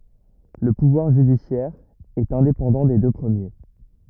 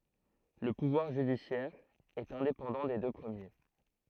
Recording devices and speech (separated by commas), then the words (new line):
rigid in-ear microphone, throat microphone, read sentence
Le pouvoir judiciaire est indépendant des deux premiers.